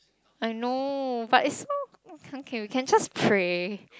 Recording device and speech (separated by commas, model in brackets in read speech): close-talking microphone, conversation in the same room